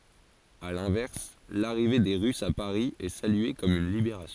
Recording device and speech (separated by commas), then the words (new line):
forehead accelerometer, read sentence
À l'inverse, l'arrivée des Russes à Paris est saluée comme une libération.